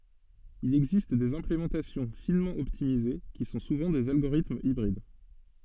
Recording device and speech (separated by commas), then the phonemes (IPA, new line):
soft in-ear microphone, read sentence
il ɛɡzist dez ɛ̃plemɑ̃tasjɔ̃ finmɑ̃ ɔptimize ki sɔ̃ suvɑ̃ dez alɡoʁitmz ibʁid